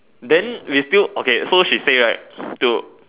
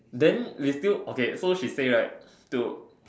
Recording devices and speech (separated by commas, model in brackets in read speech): telephone, standing microphone, conversation in separate rooms